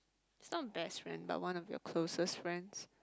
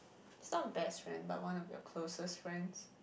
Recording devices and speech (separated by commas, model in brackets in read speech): close-talking microphone, boundary microphone, conversation in the same room